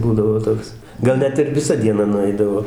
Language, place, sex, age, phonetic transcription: Lithuanian, Dzūkija, male, 60+, ˈbūdavo ˈtoks ˈgal ˈnet ir viˈsa dieˈna nuˈaidavo

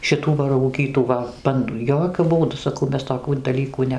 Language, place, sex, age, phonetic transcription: Lithuanian, Dzūkija, female, 60+, šiˈtų va rauˈgytų va ˈbandu ˈjokiu ˈbūdu saˈkau ˈmes toˈkių daˈlykų ˈne

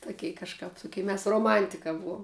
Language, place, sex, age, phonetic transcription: Lithuanian, Žemaitija, female, 18-60, tuˈkei kažˈkap tuˈkei mes roˈmantika ˈbuom

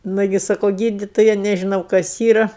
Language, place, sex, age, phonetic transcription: Lithuanian, Aukštaitija, female, 60+, ˈnugi ˈsako ˈgyditoja nežiˈnau kas ˈyra

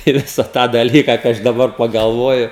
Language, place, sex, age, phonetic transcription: Lithuanian, Žemaitija, male, 18-60, i ˈvisa tą dalˈyka kai ˈaš daˈbar pagalˈvoju

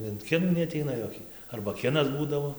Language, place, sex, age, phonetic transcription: Lithuanian, Dzūkija, male, 18-60, in ˈkinų neaˈteina ˈjoki ˈarba ˈkinas ˈbūdavo

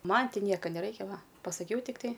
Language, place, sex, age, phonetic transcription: Lithuanian, Aukštaitija, female, 18-60, ˈman ˈti ˈnieka neˈraikia ˈva pasaˈkiau tikˈtai

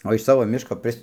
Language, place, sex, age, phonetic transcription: Lithuanian, Dzūkija, male, 60+, o iš ˈsavo ˈmiško ˈpris

